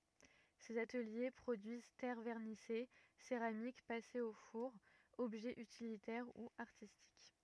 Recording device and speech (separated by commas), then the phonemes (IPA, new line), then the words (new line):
rigid in-ear microphone, read sentence
sez atəlje pʁodyiz tɛʁ vɛʁnise seʁamik pasez o fuʁ ɔbʒɛz ytilitɛʁ u aʁtistik
Ces ateliers produisent terres vernissées, céramiques passées au four, objets utilitaires ou artistiques.